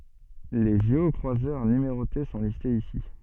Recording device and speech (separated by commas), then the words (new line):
soft in-ear microphone, read sentence
Les géocroiseurs numérotés sont listés ici.